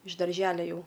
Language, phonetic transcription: Lithuanian, iš darˈželia ˈjau

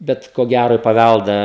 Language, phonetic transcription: Lithuanian, ˈbet ko ˈgæro i paˈvældą

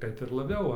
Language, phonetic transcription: Lithuanian, ˈkad ir laˈbiau ˈva

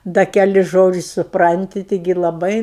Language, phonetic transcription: Lithuanian, ˈda keˈlis ˈžodžis' suˈpranti ˈtigi laˈbai

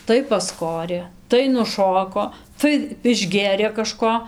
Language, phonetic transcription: Lithuanian, tai pasˈkorė tai nuˈšoko tai išˈgėrė kaˈžko

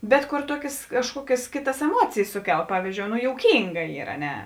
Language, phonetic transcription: Lithuanian, bet kor ˈtuokės kažˈkuokės ˈkėˌtas eˈmuocėjės ˈsuˌkel ˈpavyzdžiou no jouˈkynga ˈyr a ˈne

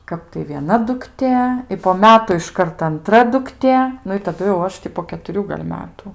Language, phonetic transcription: Lithuanian, ˈkap tai vieˈna dukˈtė i po ˈmetu išˈkart anˈtra dukˈtė ˈnu i taˈdu jau ˈaš ti po ketuˈrių gal' ˈmetu

